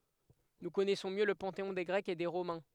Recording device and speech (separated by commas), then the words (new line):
headset microphone, read sentence
Nous connaissons mieux le panthéon des Grecs et des Romains.